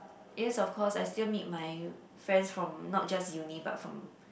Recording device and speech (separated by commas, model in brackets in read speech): boundary microphone, conversation in the same room